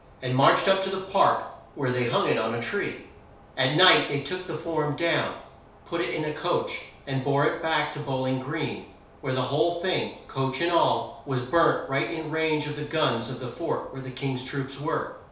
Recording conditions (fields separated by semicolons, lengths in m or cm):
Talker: one person; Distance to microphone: 3.0 m; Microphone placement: far; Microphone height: 1.8 m; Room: small (3.7 m by 2.7 m); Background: none